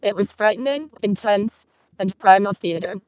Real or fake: fake